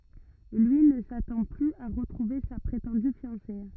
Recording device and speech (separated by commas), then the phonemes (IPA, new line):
rigid in-ear microphone, read sentence
lyi nə satɑ̃ plyz a ʁətʁuve sa pʁetɑ̃dy fjɑ̃se